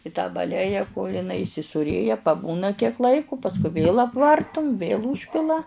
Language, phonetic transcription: Lithuanian, i tą baˈleja kol' iˈnai įsisūˈrėja paˈbūna kiek ˈlaiku pasˈkui vėl apˈvartum vėl ˈūžpila

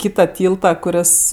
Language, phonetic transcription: Lithuanian, ˈkyta ˈtylta kuˈris

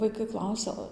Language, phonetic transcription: Lithuanian, vaiˈkai ˈklausia

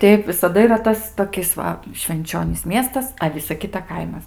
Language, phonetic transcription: Lithuanian, ˈteip visaˈda yˈra ˈtas toˈkis va švenˈčionys ˈmiestas a ˈvisa ˈkita ˈkaimas

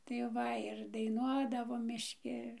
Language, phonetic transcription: Lithuanian, tai ˈva ir daiˈnuodavom mišˈki

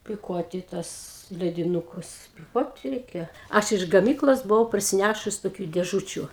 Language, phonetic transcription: Lithuanian, piˈkuoti tuos lediˈnukus piˈkuoti ˈreikia ˈaš iš gaˈmyklos buˈvau parsiˈnæšus toˈkių dėˈžučiu

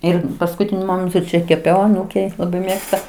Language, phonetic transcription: Lithuanian, ˈir paskuˈtiniu ˈmomentu ˈčia keˈpiau aˈnūkei laˈbai ˈmėgsta

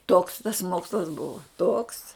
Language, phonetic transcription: Lithuanian, toks tas ˈmokslas ˈbuva toks

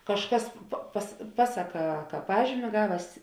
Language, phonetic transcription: Lithuanian, kažˈkas pa pas ˈpasaˌkā ka ˈpažymi ˈgaves

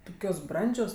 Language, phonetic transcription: Lithuanian, ˈtukios ˈbrandžios

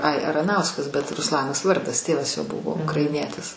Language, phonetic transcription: Lithuanian, ai araˈnauskas bet rusˈlanas ˈvardas ˈtėvas jo ˈbuvo ukraiˈnietis

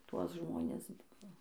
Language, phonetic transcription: Lithuanian, ˈtuos ˈžmonis ˈbuvo

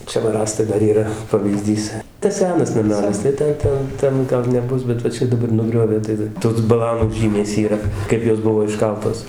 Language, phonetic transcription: Lithuanian, ˈčia va ˈrąstai ˈdar ˈyra pavyˈzdys tas ˈsenas naˈmelis tai ˈten ˈten ˈten ˈgal neˈbus bet va ˈčia daˈbar nuˈgriovė tai ˈtos baˈlanų ˈžymės yˈra ˈkaip jos ˈbuvo išˈkaltos

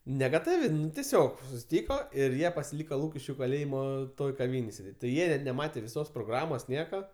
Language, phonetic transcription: Lithuanian, negaˈtavi teˈsiog susiˈtyko ir ˈjie pasiˈlyko ˈlūkiškiu kaˈlėjimo ˈtoj kaˈvynėj sėˈdėt' ti ˈjie i neˈmatė viˈsos proˈgramos ˈnieka

